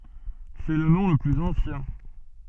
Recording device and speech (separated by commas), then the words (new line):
soft in-ear microphone, read sentence
C'est le nom le plus ancien.